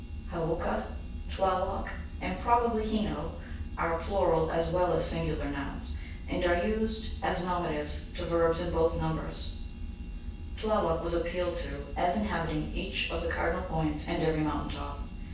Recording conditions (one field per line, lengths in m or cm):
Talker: one person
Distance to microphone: 9.8 m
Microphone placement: far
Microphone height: 1.8 m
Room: large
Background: none